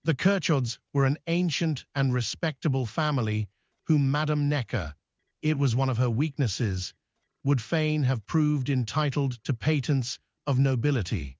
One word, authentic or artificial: artificial